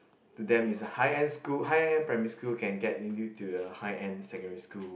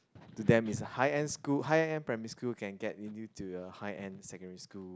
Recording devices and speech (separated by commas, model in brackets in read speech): boundary microphone, close-talking microphone, conversation in the same room